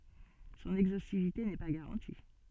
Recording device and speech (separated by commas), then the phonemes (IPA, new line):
soft in-ear microphone, read sentence
sɔ̃n ɛɡzostivite nɛ pa ɡaʁɑ̃ti